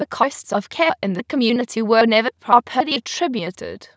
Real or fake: fake